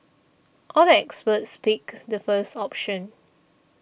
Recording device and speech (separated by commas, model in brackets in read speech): boundary microphone (BM630), read sentence